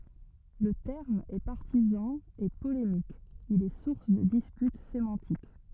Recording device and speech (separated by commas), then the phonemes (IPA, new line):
rigid in-ear microphone, read sentence
lə tɛʁm ɛ paʁtizɑ̃ e polemik il ɛ suʁs də dispyt semɑ̃tik